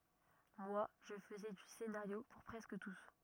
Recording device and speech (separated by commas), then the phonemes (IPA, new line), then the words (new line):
rigid in-ear microphone, read sentence
mwa ʒə fəzɛ dy senaʁjo puʁ pʁɛskə tus
Moi, je faisais du scénario pour presque tous.